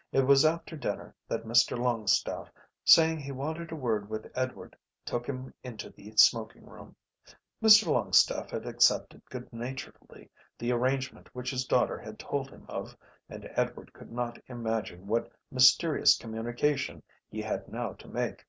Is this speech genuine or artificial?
genuine